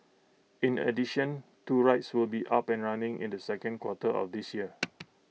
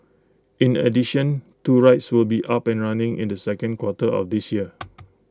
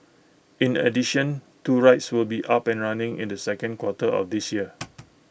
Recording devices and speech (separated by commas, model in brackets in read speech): mobile phone (iPhone 6), close-talking microphone (WH20), boundary microphone (BM630), read sentence